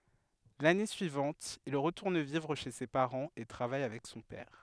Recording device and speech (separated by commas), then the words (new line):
headset microphone, read sentence
L'année suivante il retourne vivre chez ses parents et travaille avec son père.